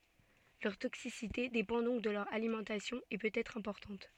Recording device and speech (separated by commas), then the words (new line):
soft in-ear microphone, read sentence
Leur toxicité dépend donc de leur alimentation, et peut être importante.